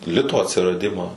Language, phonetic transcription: Lithuanian, ˈlito atsiraˈdimą

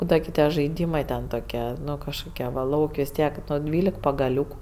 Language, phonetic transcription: Lithuanian, ˈbūdava gi ˈtie žaiˈdymɜ ten toˈkie ˈnu kažkoˈkie va ˈlauk' vis ˈtiek ˈnu ˈdvylek pagaˈliūku

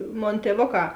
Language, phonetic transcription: Lithuanian, ˈmon tieˈvoˌkā

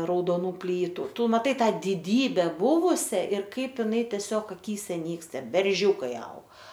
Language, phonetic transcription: Lithuanian, raudoˈnų ˈplytu ˈtu maˈtai ˈtą diˈdybe ˈbuvusia ir ˈkaip iˈnai teˈsiog aˈkyse ˈnyksta berˈžiūkai aug

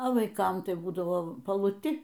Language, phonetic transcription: Lithuanian, o vaiˈkam ˈtai ˈbūdavo paluˈti

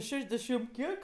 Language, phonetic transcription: Lithuanian, ˈšešdešim ˈkiek

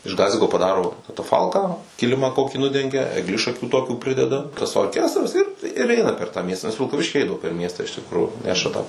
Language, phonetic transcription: Lithuanian, iš ˈgaziko paˈdaro kataˈfalką ˈkilima ˈkokį ˈnudengia egˈlišakių ˈtokių ˈprideda tas orˈkestras ir ir ˈeina per tą ˈmiestą nes vilkaˈvišky ˈeidavo per ˈmiestą iš tikˈrųjų ˈneša tą

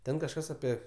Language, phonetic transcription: Lithuanian, ˈten kažˈkas aˈpie

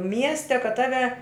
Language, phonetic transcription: Lithuanian, ˈmieste kad ˈtave

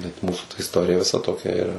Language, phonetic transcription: Lithuanian, bet ˈmūsu ta isˈtorija viˈsa toˈkia iˈra

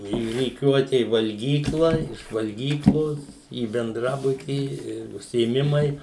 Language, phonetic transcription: Lithuanian, į ryˈkiuote i valˈgykla iš valˈgyklos į benˈdrabutį i užsiėˈmimai

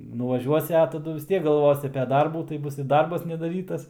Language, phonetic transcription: Lithuanian, nuvaˈžiuosi a taˈdu vis ˈtiek galˈvosi ape ˈdarbų tai ˈbus i ˈdarbas nedaˈrytas nedaˈrytas

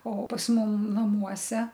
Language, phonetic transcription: Lithuanian, o pas ˈmum naˈmuose

